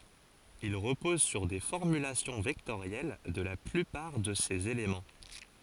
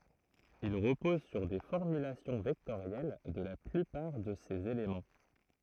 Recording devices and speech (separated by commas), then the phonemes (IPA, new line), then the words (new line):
forehead accelerometer, throat microphone, read sentence
il ʁəpɔz syʁ de fɔʁmylasjɔ̃ vɛktoʁjɛl də la plypaʁ də sez elemɑ̃
Il repose sur des formulations vectorielles de la plupart de ses éléments.